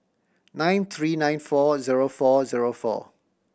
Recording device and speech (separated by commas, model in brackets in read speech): boundary microphone (BM630), read sentence